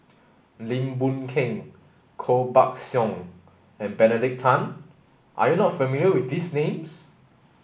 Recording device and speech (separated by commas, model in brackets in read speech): boundary microphone (BM630), read sentence